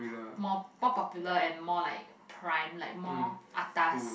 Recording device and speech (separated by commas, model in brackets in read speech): boundary microphone, conversation in the same room